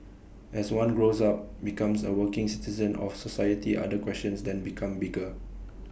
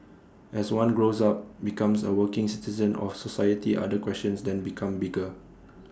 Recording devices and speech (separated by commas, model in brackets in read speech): boundary microphone (BM630), standing microphone (AKG C214), read sentence